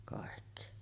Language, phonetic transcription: Finnish, kàekki .
- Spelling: kaikki

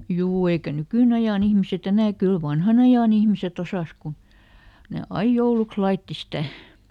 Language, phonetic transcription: Finnish, "juu ˈeikä "nykỳˈnajàn ‿ihmiseˈt ‿enä "kyl ˈvanhanajan ‿ihmiseˈt ‿osàs kun , ne "aij ˈjouluks "laitti ˈsitä̀ .
- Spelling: juu eikä nykyajan ihmiset enää kyllä vanhanajan ihmiset osasi kun ne aina jouluksi laittoi sitä

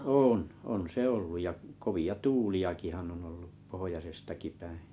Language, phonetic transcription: Finnish, 'oon , on se 'olluj ja , 'kovi₍a "tu͕u͕li₍akihan on ollu , 'pohojasestaki päiḭ .
- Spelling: on on se ollut ja kovia tuuliakinhan on ollut pohjoisestakin päin

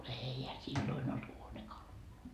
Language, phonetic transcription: Finnish, "eihä silloin ‿olt 'huonekaluloi .
- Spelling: eihän silloin ollut huonekaluja

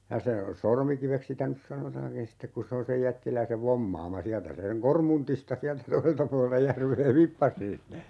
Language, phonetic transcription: Finnish, 'ja se , 'Sormikiveks 'sitä nys "sanotaaŋkin 'sittek kun̬ 'se on̬ sej 'jättiläisev "vommaama 'siältä se seŋ "Kormuntista 'siältä "toi(se)lta pualelta 'järvee "vippas sinne .
- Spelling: ja se Sormikiveksi sitä nyt sanotaankin sitten kun se on sen jättiläisen vommaama sieltä se sen Kormuntista sieltä toiselta puolelta järveä vippasi sinne

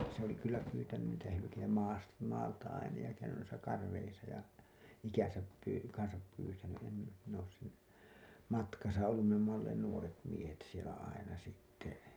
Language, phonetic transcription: Finnish, se ‿oli kyllä 'pyytänyn niitä hylykeitä maas- , maalta aina ja käynyn nuisa 'karreisa ja , 'ikän̬säp pyy- , kansap pyytäny , em , min ‿oos sen , 'matkasa ollum me ‿omma olleen 'nuoret 'miehet sielä 'aina sitte .
- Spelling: se oli kyllä pyytänyt niitä hylkeitä - maalta aina ja käynyt noissa kareissa ja ikänsä - kanssa pyytänyt en minä olen sen matkassa ollut me olemme olleet nuoret miehet siellä aina sitten

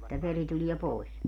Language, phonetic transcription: Finnish, [et]tä 'veri tulie 'pòis .
- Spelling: että veri tulee pois

